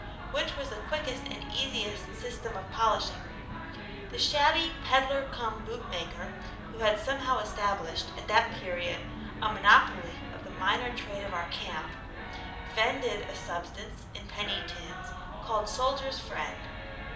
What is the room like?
A medium-sized room (about 5.7 m by 4.0 m).